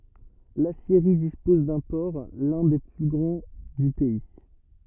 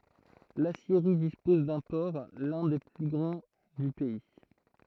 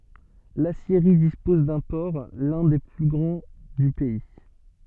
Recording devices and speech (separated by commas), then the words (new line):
rigid in-ear microphone, throat microphone, soft in-ear microphone, read sentence
L’aciérie dispose d'un port, l’un des plus grands du pays.